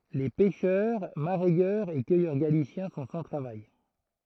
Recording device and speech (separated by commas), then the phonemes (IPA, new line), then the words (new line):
throat microphone, read sentence
le pɛʃœʁ maʁɛjœʁz e kœjœʁ ɡalisjɛ̃ sɔ̃ sɑ̃ tʁavaj
Les pêcheurs, mareyeurs et cueilleurs galiciens sont sans travail.